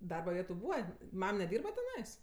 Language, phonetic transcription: Lithuanian, ˈdarba ˈvietu ˈbūva ˈmam neˈdyrba teˈnais

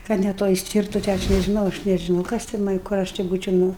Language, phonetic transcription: Lithuanian, ˈkad ne ˈtoj ˈstyrtu tė ˈaš nežiˈnau aš nežiˈnau ˈkas ten man ˈkur aš ti ˈbūčiau ˈnu

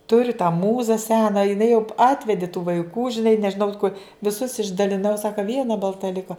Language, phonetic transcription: Lithuanian, ˈturiu tą ˈmūza ˈsena jiˈnai jau ˈatvedi tų vaiˈkų žiˈnai nežiˈnau ko viˈsus išdaliˈnau ˈsaka ˈviena balˈta ˈliko

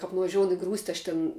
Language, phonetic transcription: Lithuanian, kap nuvaˈžioun i ˈgrūsti aš ˈten

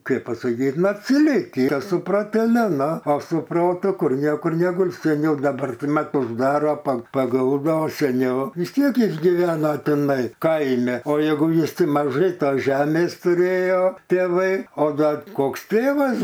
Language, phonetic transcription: Lithuanian, ˈkaip pasaˈkyt nu atsiˈliki su proteˈliu ˈnu o su ˈprotu ˈkur ˈniekur neˈguls seˈniau daˈbar ˈtai ˈmat užˈdaro pa paˈguldo o seˈniau vis ˈtiek ˈjis giˈvena tiˈnai ˈkaimi o ˈjeigu jis ˈti maˈžai ˈtos ˈžemės tuˈrėjo tėˈvai o ˈgal ˈkoks ˈtėvas

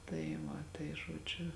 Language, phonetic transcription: Lithuanian, tai ˈva tai žoˈdžiu

